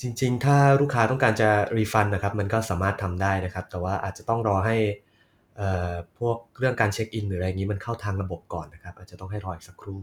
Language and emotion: Thai, neutral